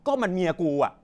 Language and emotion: Thai, angry